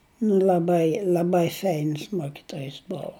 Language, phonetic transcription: Lithuanian, nu l'aˈbai l'aˈbai ˈfeins ˈmokitojis ˈbovu

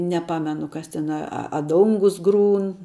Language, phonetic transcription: Lithuanian, neˈpamenu ˈkas ˈten a a ˈdongus ˈgrūn

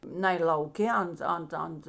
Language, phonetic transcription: Lithuanian, ˈnai lauˈkė ˈant ˈant ˈant

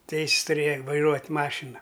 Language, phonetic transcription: Lithuanian, ˈteis's tuˈrėja vaiˈruot' ˈmašina

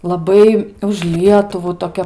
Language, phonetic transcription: Lithuanian, laˈbai už ˈlietuvų toˈkia

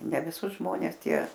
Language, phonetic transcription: Lithuanian, ne viˈsus ˈžmones ˈtie

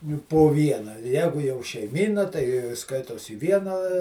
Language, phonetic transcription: Lithuanian, juk po ˈviena ˈjegu jau šeiˈmyna tai ˈskaitos į ˈvieną

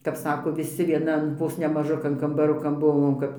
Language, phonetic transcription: Lithuanian, kap ˈsako viˈsi vieˈnan ˈvos ne maˈžukan kambaˈrukan ˈbuvom kap

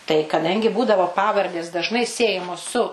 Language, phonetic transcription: Lithuanian, tai kaˈdangi ˈbūdavo ˈpavardės dažˈnai ˈsiejamos su

